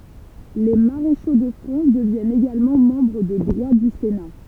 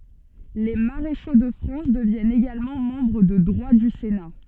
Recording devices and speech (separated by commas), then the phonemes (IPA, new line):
temple vibration pickup, soft in-ear microphone, read sentence
le maʁeʃo də fʁɑ̃s dəvjɛnt eɡalmɑ̃ mɑ̃bʁ də dʁwa dy sena